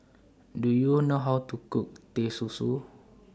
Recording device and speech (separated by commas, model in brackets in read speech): standing microphone (AKG C214), read sentence